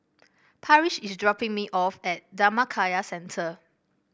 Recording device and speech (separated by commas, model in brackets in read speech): boundary microphone (BM630), read sentence